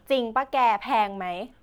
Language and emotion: Thai, neutral